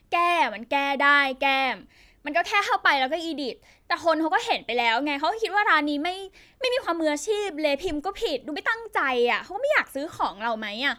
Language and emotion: Thai, frustrated